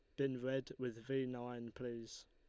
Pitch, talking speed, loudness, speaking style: 125 Hz, 175 wpm, -44 LUFS, Lombard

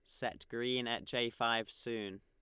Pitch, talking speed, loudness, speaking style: 115 Hz, 180 wpm, -37 LUFS, Lombard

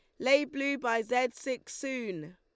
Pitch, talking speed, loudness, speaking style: 250 Hz, 170 wpm, -31 LUFS, Lombard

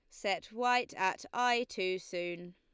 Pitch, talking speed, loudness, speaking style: 190 Hz, 155 wpm, -34 LUFS, Lombard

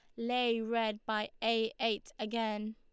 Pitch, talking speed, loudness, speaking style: 225 Hz, 140 wpm, -34 LUFS, Lombard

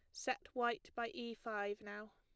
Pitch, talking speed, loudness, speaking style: 225 Hz, 185 wpm, -43 LUFS, plain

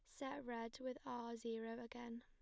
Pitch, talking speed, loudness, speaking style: 235 Hz, 180 wpm, -49 LUFS, plain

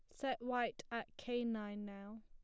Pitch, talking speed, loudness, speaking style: 230 Hz, 175 wpm, -43 LUFS, plain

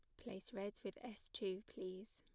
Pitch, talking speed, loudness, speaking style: 200 Hz, 185 wpm, -49 LUFS, plain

